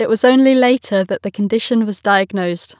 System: none